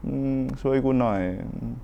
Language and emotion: Thai, frustrated